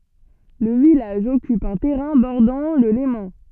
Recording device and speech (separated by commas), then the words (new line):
soft in-ear microphone, read sentence
Le village occupe un terrain bordant le Léman.